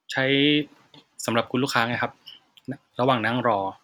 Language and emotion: Thai, neutral